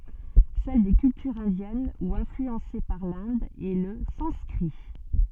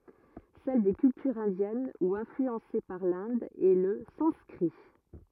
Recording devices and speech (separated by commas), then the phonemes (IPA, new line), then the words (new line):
soft in-ear microphone, rigid in-ear microphone, read sentence
sɛl de kyltyʁz ɛ̃djɛn u ɛ̃flyɑ̃se paʁ lɛ̃d ɛ lə sɑ̃skʁi
Celle des cultures indiennes ou influencées par l'Inde est le sanskrit.